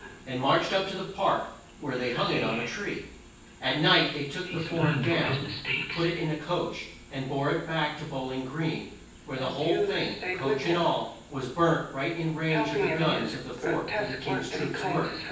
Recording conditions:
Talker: one person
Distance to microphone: 9.8 m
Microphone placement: far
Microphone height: 1.8 m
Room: large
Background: television

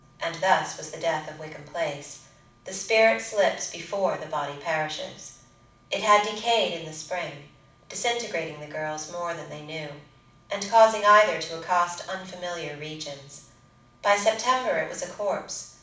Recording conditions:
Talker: one person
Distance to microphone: 5.8 m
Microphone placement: far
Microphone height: 1.8 m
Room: medium-sized (5.7 m by 4.0 m)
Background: none

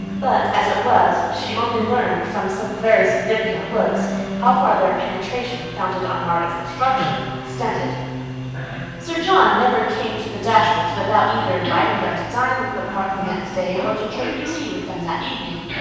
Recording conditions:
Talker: one person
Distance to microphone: 7.1 m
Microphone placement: far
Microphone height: 1.7 m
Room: very reverberant, large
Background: television

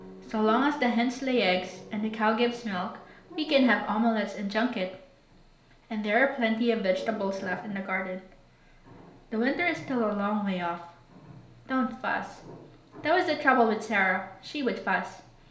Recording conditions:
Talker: one person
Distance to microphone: 1.0 m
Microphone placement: close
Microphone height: 1.1 m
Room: small (3.7 m by 2.7 m)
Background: television

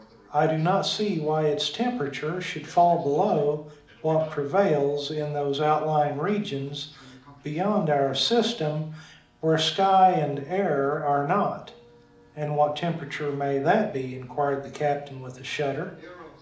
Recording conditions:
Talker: one person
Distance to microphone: 2.0 m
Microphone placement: close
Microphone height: 99 cm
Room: medium-sized (5.7 m by 4.0 m)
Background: television

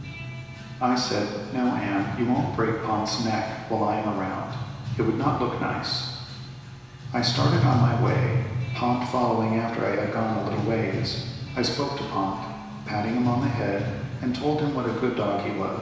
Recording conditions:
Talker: one person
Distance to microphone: 1.7 m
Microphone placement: close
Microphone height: 1.0 m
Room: very reverberant, large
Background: music

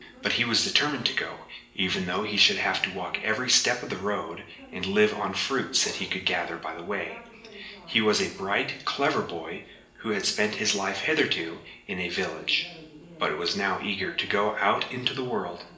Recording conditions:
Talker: one person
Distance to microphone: 1.8 m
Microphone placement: close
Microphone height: 1.0 m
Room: large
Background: television

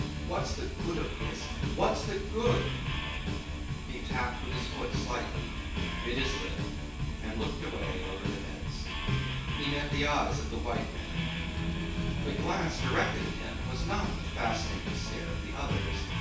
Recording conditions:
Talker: one person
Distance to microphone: 9.8 m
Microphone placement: far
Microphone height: 1.8 m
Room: large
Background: music

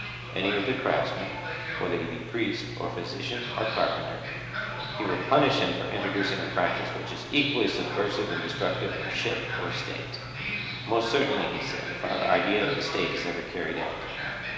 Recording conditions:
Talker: one person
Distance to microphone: 1.7 m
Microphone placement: close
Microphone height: 1.0 m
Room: very reverberant, large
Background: television

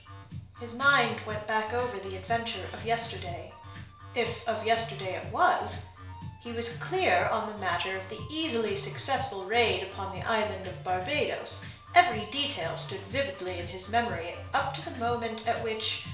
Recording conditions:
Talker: one person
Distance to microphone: 1.0 m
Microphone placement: close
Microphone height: 1.1 m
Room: small (3.7 m by 2.7 m)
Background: music

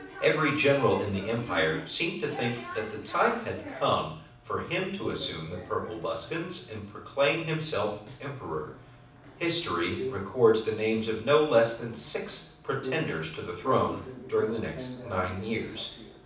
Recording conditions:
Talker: one person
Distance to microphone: 5.8 m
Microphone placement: far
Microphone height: 1.8 m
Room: medium-sized (5.7 m by 4.0 m)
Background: television

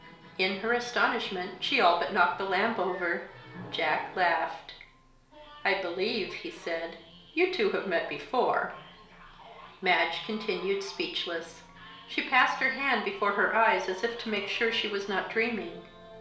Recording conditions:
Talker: one person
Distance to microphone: 1.0 m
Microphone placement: close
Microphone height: 1.1 m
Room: small (3.7 m by 2.7 m)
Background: television

